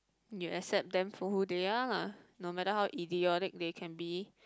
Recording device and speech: close-talking microphone, conversation in the same room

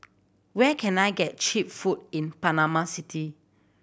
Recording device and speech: boundary microphone (BM630), read sentence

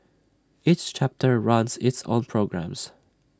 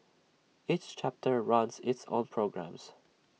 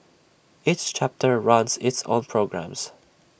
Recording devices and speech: standing microphone (AKG C214), mobile phone (iPhone 6), boundary microphone (BM630), read sentence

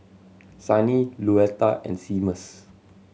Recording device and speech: mobile phone (Samsung C7100), read sentence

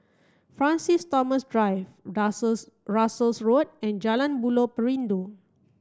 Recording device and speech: standing microphone (AKG C214), read sentence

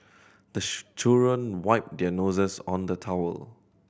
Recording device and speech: boundary microphone (BM630), read sentence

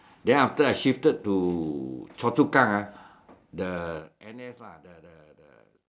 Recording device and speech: standing microphone, conversation in separate rooms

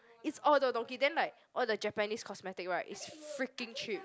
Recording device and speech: close-talking microphone, conversation in the same room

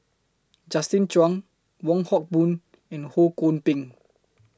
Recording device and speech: close-talking microphone (WH20), read sentence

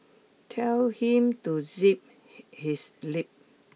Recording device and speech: mobile phone (iPhone 6), read sentence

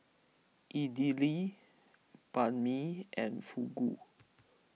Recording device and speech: mobile phone (iPhone 6), read sentence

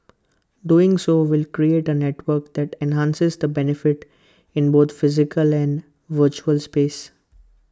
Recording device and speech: close-talking microphone (WH20), read sentence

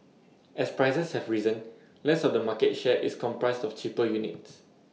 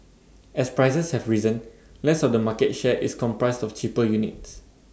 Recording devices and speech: mobile phone (iPhone 6), standing microphone (AKG C214), read sentence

